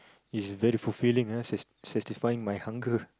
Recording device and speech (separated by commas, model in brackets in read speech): close-talking microphone, conversation in the same room